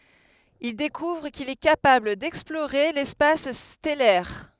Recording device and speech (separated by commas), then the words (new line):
headset microphone, read sentence
Il découvre qu'il est capable d'explorer l'espace stellaire.